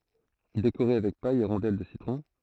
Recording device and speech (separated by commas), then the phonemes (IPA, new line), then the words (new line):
throat microphone, read sentence
dekoʁe avɛk paj e ʁɔ̃dɛl də sitʁɔ̃
Décorez avec paille et rondelle de citron.